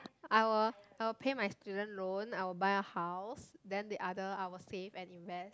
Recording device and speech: close-talking microphone, conversation in the same room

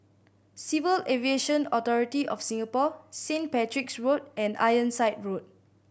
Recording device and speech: boundary microphone (BM630), read sentence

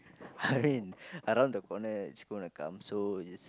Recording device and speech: close-talking microphone, conversation in the same room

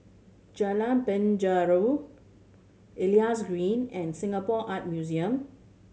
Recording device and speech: mobile phone (Samsung C7100), read sentence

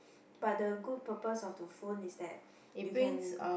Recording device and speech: boundary microphone, conversation in the same room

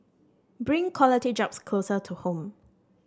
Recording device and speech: standing microphone (AKG C214), read sentence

